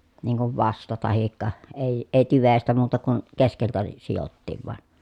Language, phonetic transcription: Finnish, niiŋ kuv vasta tahikka , èi , eⁱ tyvestä muuta kun , keskeltä (ne) , sijottiiv van .
- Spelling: niin kuin vasta tai ei ei tyvestä muuta kuin keskeltä ne sidottiin vain

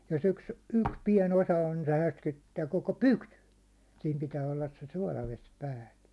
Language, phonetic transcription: Finnish, jos 'yks , 'yks 'piɛn ‿osa on nɪ se 'härski(nny)ttää koko "pytyn̬ , siim pitää ollas se 'suålaves 'päällä .
- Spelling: jos yksi yksi pieni osa on niin se härskiinnyttää koko pytyn siinä pitää olla se suolavesi päällä

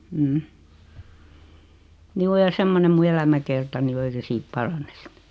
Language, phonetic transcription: Finnish, 'm̥m̥"m̥ 'juu ja 'semmonem mu 'elämäkertani o 'ei se 'siit "paranes sɪt .
- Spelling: mm juu ja semmoinen minun elämäkertani on ei se siitä parane sitten

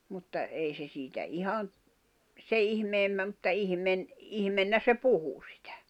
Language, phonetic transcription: Finnish, 'mutta , ei se siitä 'ihan̬ , 'se ihmeemmä mᵘtta 'ihⁱmen- , 'ihmennä se "puhu sɪtᴀ̈ .
- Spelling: mutta ei se siitä ihan sen ihmeemmin mutta - ihmeenä se puhui sitä

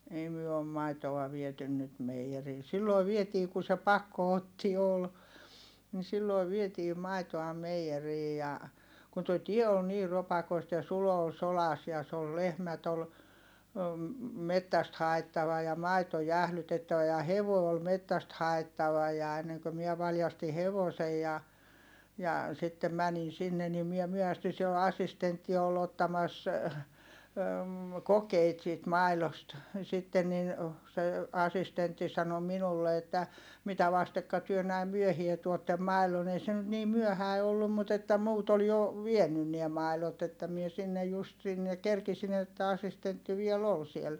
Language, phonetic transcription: Finnish, ei myö om maitoa vietyn nyt meiʲerii(.) sillòi vietii ku se pakko₍otti ol , ni sillòi vietii mai̮toa meijerii ja , kun toi tie ol niir̆ ropakoista ja Sulo ol solas ja s ‿ol lehmät ‿ol , mettäst haettava ja maito jählytettävä ja hevòi̮ ol mettäst haettava ja enneŋkö miɛ valjasti hevosej ja , ja , sittem mänin sinne nim miɛ myöhästy - siel assistentti ol ottamas , kokeit siit mai̮lost , sitten nin , se , asistentti sano minulle että , » mitä vastekka työ näim myöhie tuottem mai̮lon » ‿ei se nyt nii myöhäi̮ ollum mut ‿että muut ‿ol jo , vienyn niä mài̮lot ‿että mie sinnej just sinne , kerkisin ‿että asistentti viel ‿ol siel .
- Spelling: ei me on maitoa viety nyt meijeriin silloin vietiin kun se pakotti oli niin silloin vietiin maitoa meijeriin ja kun tuo tie oli niin ropakoista ja Sulo oli sodassa ja se oli lehmät oli metsästä haettava ja maito jäähdytettävä ja hevonen oli metsästä haettava ja ennen kuin minä valjastin hevosen ja ja sitten menin sinne niin minä myöhästyin siellä assistentti oli ottamassa kokeita siitä maidosta sitten niin se assistentti sanoi minulle että mitä vastekka te näin myöhään tuotte maidon ei se nyt niin myöhäinen ollut mutta että muut oli jo vienyt ne maidot että minä sinne just sinne kerkesin että assistentti vielä oli siellä

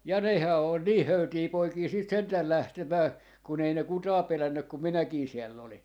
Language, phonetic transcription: Finnish, ja "nehää ol "nii 'höytii 'poikii siit 'sentäl 'lähtemää , 'kun ‿ei ne "kutaa 'pelännyk kum "minäkii 'siell ‿oli .
- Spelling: ja nehän oli niin höytejä poikia sitten sentään lähtemään kun ei ne ketään pelännyt kun minäkin siellä olin

